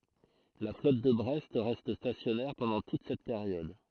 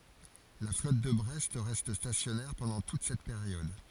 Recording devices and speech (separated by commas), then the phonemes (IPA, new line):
throat microphone, forehead accelerometer, read sentence
la flɔt də bʁɛst ʁɛst stasjɔnɛʁ pɑ̃dɑ̃ tut sɛt peʁjɔd